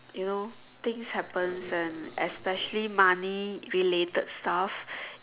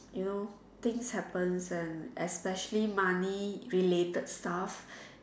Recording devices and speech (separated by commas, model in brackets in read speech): telephone, standing microphone, conversation in separate rooms